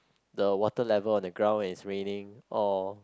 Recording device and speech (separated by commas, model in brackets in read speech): close-talking microphone, conversation in the same room